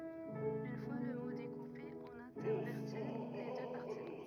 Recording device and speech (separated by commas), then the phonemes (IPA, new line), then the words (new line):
rigid in-ear microphone, read sentence
yn fwa lə mo dekupe ɔ̃n ɛ̃tɛʁvɛʁti le dø paʁti
Une fois le mot découpé, on intervertit les deux parties.